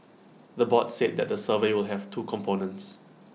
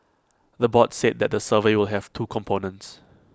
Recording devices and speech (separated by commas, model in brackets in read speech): mobile phone (iPhone 6), close-talking microphone (WH20), read sentence